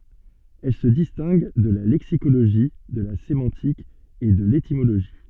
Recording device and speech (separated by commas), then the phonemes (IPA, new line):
soft in-ear microphone, read sentence
ɛl sə distɛ̃ɡ də la lɛksikoloʒi də la semɑ̃tik e də letimoloʒi